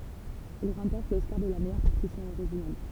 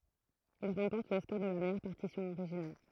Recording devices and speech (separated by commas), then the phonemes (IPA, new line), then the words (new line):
temple vibration pickup, throat microphone, read sentence
il ʁɑ̃pɔʁt lɔskaʁ də la mɛjœʁ paʁtisjɔ̃ oʁiʒinal
Il remporte l'Oscar de la meilleure partition originale.